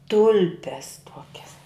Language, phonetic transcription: Lithuanian, ˈtulpes ˈtuokias

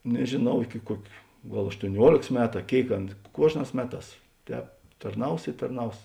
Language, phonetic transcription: Lithuanian, nežėˈnau ˈiki ˈkuok' ˈgal aštuoˈniuolėks ˈmetu a ˈkėik ˈana ˈkuožˌnās ˈmeˌtās ˈtēp tarˈnaus i tarˈnaus

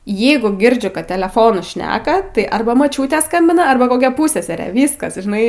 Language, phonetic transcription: Lithuanian, ˈjeigu ˈgirdžiu kad teleˈfonu ˈšneka tai ˈarba moˈčiūtė ˈskambina ˈarba koˈkia ˈpūsseserė ˈvyskas žiˈnai

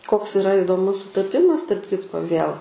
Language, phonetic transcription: Lithuanian, koks iˈra idoˈmus sutaˈpimas tarp ˈkitko viel

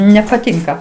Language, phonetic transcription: Lithuanian, nepaˈtinka

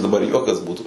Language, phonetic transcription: Lithuanian, daˈbar ˈjuokas ˈbūtu

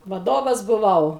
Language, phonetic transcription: Lithuanian, vaˈdovas buˈvau

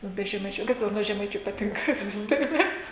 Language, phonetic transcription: Lithuanian, ˈnu be žeˈmaičių nu kaip ˈsakot ˈnu o žeˈmaičiu paˈtinka tai ˈva

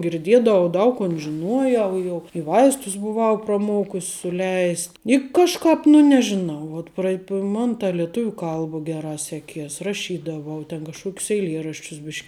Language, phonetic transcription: Lithuanian, girˈdiedavau ˈdaug kon žiˈnuoˌjau ˈjau i ˈvaistus buˈvau praˈmokus' suˈleis' i kažˈkāp nu nežiˈnau ˈvuot prai ˈman ta lieˈtuviu ˈkalba ˈgeˌrā ˈseˌkies raˈšydavau ten kažˈkuokius eiˈlieraščius ˈbiš'k

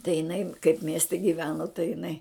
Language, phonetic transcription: Lithuanian, tai jiˈnai kaip ˈmieste gyˈveno tai jiˈnai

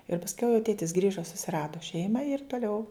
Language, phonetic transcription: Lithuanian, ir pasˈkiau jau ˈtėtis ˈgrįža susiˈrado ˈšeimą ir toˈliau

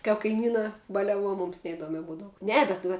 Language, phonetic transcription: Lithuanian, kap kaiˈmynā baliaˈvuo ˈmums neiˈduomia ˈbūdavu ˈne bet ˈva

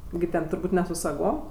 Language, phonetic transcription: Lithuanian, gi ˈten turˈbūt' ne su saˈgom

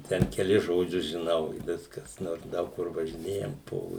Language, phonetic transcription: Lithuanian, ˈten keˈlis žoˈdžius žiˈnau i ˈviskas ˈnors ˈdaug kur važiˈnėjam ˈpo

